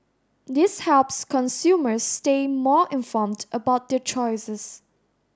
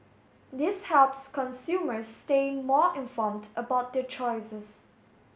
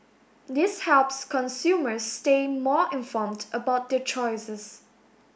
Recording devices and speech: standing microphone (AKG C214), mobile phone (Samsung S8), boundary microphone (BM630), read sentence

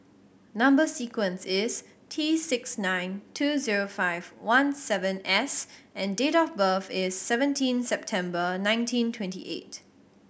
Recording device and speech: boundary microphone (BM630), read sentence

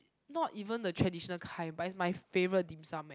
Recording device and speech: close-talking microphone, conversation in the same room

